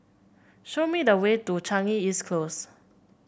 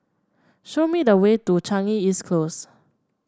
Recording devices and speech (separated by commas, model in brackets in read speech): boundary microphone (BM630), standing microphone (AKG C214), read sentence